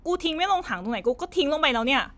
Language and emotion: Thai, angry